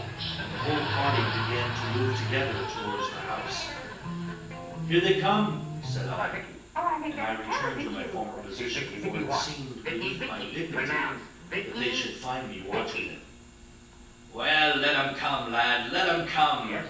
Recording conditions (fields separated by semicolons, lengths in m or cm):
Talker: one person; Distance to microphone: 9.8 m; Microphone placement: far; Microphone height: 1.8 m; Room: large; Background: television